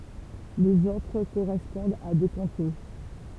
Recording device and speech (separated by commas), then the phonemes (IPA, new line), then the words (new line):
temple vibration pickup, read sentence
lez otʁ koʁɛspɔ̃dt a de kɔ̃te
Les autres correspondent à des comtés.